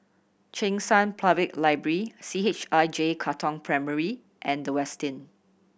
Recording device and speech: boundary microphone (BM630), read sentence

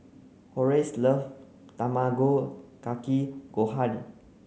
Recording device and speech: mobile phone (Samsung C9), read sentence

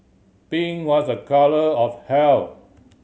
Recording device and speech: mobile phone (Samsung C7100), read sentence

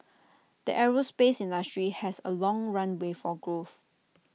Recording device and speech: mobile phone (iPhone 6), read sentence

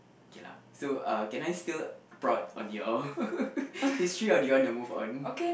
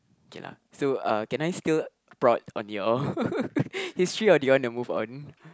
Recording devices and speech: boundary microphone, close-talking microphone, conversation in the same room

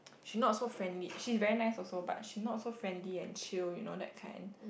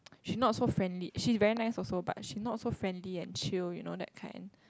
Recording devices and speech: boundary microphone, close-talking microphone, conversation in the same room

